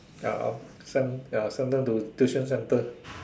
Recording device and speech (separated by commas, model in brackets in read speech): standing microphone, conversation in separate rooms